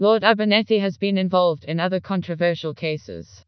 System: TTS, vocoder